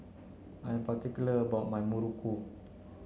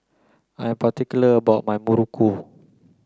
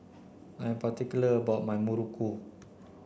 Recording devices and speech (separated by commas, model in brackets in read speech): mobile phone (Samsung C9), close-talking microphone (WH30), boundary microphone (BM630), read sentence